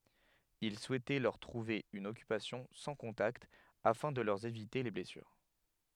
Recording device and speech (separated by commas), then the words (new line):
headset microphone, read sentence
Il souhaitait leur trouver une occupation sans contacts, afin de leur éviter les blessures.